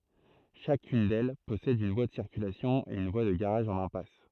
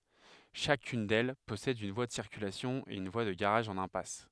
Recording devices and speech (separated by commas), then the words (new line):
throat microphone, headset microphone, read sentence
Chacune d'elles possède une voie de circulation et une voie de garage en impasse.